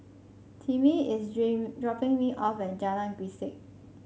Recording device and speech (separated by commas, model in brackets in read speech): mobile phone (Samsung C5), read sentence